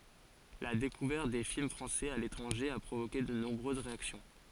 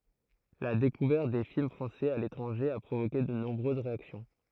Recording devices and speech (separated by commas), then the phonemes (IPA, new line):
forehead accelerometer, throat microphone, read sentence
la dekuvɛʁt de film fʁɑ̃sɛz a letʁɑ̃ʒe a pʁovoke də nɔ̃bʁøz ʁeaksjɔ̃